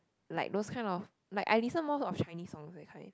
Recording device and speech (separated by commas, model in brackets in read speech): close-talking microphone, conversation in the same room